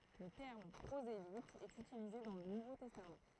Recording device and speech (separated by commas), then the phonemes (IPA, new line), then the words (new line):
throat microphone, read sentence
lə tɛʁm pʁozelit ɛt ytilize dɑ̃ lə nuvo tɛstam
Le terme prosélyte est utilisé dans le Nouveau Testament.